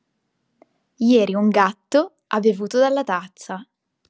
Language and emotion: Italian, happy